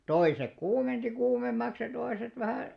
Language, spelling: Finnish, toiset kuumensi kuumemmaksi ja toiset vähän
- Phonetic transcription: 'toisek 'kuumenti 'kuumemmaks ja 'toiset vähä̀ ,.

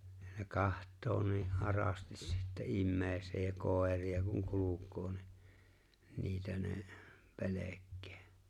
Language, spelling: Finnish, ne katsoo niin arasti sitten ihmiseen ja koiria kun kulkee niin niitä ne pelkää
- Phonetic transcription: ne "kaht̆too nii’ '’arastis sittä 'immeeⁱseej ja 'kòer̆ria kuŋ 'kuluk̀oo ni , 'niitä ne , "pelek̆kᴇᴇ .

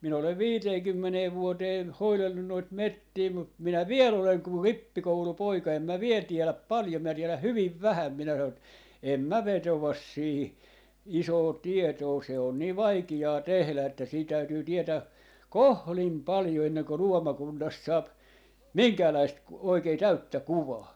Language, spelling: Finnish, minä olen viiteenkymmeneen vuoteen hoidellut noita metsiä mutta minä vielä olen kuin rippikoulupoika en minä vielä tiedä paljon minä tiedän hyvin vähän minä sanoin että en minä vetoa siihen isoon tietoon se on niin vaikeaa tehdä että siinä täytyy tietää kohdin paljon ennen kuin luomakunnasta saa minkäänlaista - oikein täyttä kuvaa
- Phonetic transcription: minä olev "viiteekymmenee "vuoteen , 'hoilellun noit "mettii mut 'minä "viel ‿oleŋ kur "rippikoulu'poika 'em mä 'viel 'tieläp "paljom̆ mä 'tieläh "hyviv "vähäm minä sanon ‿et , » 'em mä "vetovas 'siiʰⁱ , 'isoo "tietoo » se on nii "vaiki₍aa 'tehlä että sii 'täytyy 'tietää , "kohlim 'paljo enneŋko "luomakunnast 'saap , "miŋkäälaist ku- , 'oikee 'täyttä "kuvaa .

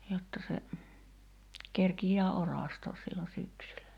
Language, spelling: Finnish, jotta se kerkiää orastaa silloin syksyllä
- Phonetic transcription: jotta se , 'kerkij̆jää "oràstoos sillo 'syksylä .

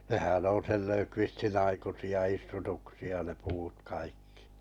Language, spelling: Finnish, nehän on sen Löfqvistin aikaisia istutuksia ne puut kaikki
- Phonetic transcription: 'nehän on̬ sel 'Lökvistin 'aikusi₍a 'istutuksi₍a ne 'puut kaikkɪ .

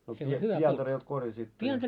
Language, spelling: Finnish, no silloin pientareelta korjasitte ja
- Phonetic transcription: no sillo "pientareelt 'korjasitto ja .

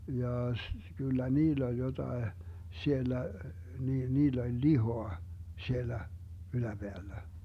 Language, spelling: Finnish, jaa - kyllä niillä oli jotakin siellä niillä oli lihaa siellä yläpäällä
- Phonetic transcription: 'jaa s- , 'kyllä "niill ‿oĺ jotae , 'siellä , 'niill ‿oĺ "lihoa , 'siellä , 'yläBeällä .

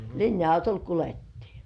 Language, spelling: Finnish, linja-autolla kuljettiin
- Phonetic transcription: 'linja₍autol "kulettii .

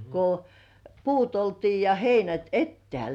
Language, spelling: Finnish, kun puut oltiin ja heinät etäällä
- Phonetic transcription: ko , "puut 'oltii ja 'heinät "ettĕä̀l .

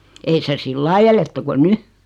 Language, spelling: Finnish, ei se sillä lailla eletty kuin nyt
- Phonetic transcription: 'ei se "sillai eletty ko "ny .

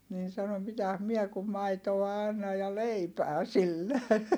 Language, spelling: Finnish, niin sanoi mitäs minä kun maitoa annan ja leipää sille
- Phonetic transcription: niin sano » mitäs miɛ kum maitoa annaj̆ ja leipää sille » .

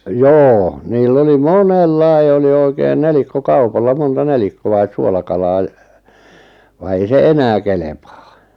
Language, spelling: Finnish, joo niillä oli monella oli oikein nelikkokaupalla monta nelikkoa suolakalaa - vaan ei se enää kelpaa
- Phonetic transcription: joo , niil'l ‿oli "monellai̬ oli 'oikein "nelikko"kaupalla 'monta "nelikko₍ais 'suolakalaa ʲ- , va ei 'se "enää 'kelepaa .

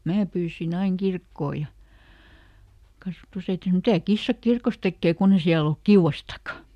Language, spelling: Finnish, minä pyysin aina kirkkoon ja kasvatusäiti sanoi mitä kissa kirkossa tekee kun ei siellä ole kiuastakaan
- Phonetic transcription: "mää pyysiˈn ‿aiŋ ˈkirkkoo ja , ˈkasvᵃtusäiti sᵃno » ˈmitä "kissa "kirkos ˈtekkee ˈkunn ‿e ˈsiäl ‿olk "kiuʷastak̆ka » .

